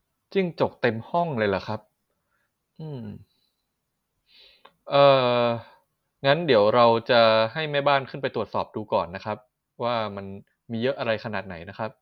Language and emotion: Thai, neutral